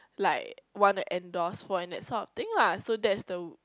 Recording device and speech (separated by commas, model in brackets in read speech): close-talking microphone, conversation in the same room